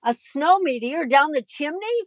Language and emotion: English, surprised